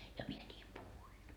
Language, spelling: Finnish, ja minä niin puhuin
- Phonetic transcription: ja 'mie ńiim 'puhuin .

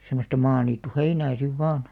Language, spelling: Finnish, semmoista maaniittyheinää sitten vain
- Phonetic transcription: semmosta "maaniittu'heinää 'siv 'vaan .

